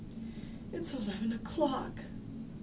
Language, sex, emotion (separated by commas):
English, female, sad